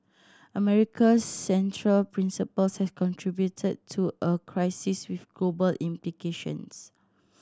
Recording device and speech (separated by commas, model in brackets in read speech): standing microphone (AKG C214), read sentence